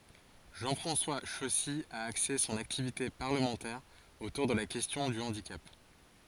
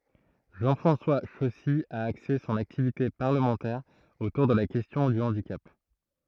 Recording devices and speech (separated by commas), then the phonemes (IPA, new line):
forehead accelerometer, throat microphone, read sentence
ʒɑ̃ fʁɑ̃swa ʃɔsi a akse sɔ̃n aktivite paʁləmɑ̃tɛʁ otuʁ də la kɛstjɔ̃ dy ɑ̃dikap